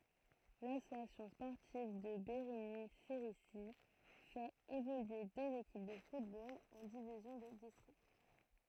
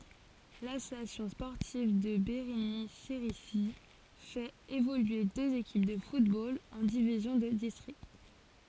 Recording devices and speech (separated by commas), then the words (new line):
throat microphone, forehead accelerometer, read sentence
L'Association sportive de Bérigny-Cerisy fait évoluer deux équipes de football en divisions de district.